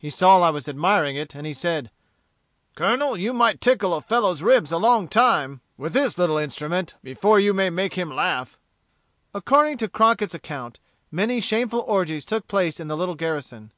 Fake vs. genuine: genuine